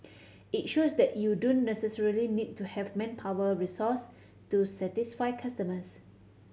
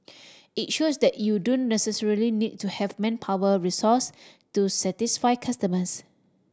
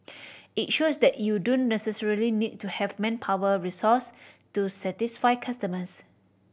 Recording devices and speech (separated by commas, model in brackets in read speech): mobile phone (Samsung C7100), standing microphone (AKG C214), boundary microphone (BM630), read sentence